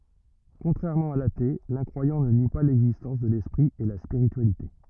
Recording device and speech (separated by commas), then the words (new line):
rigid in-ear microphone, read sentence
Contrairement à l'athée, l'incroyant ne nie pas l'existence de l'esprit et la spiritualité.